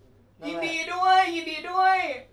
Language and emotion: Thai, happy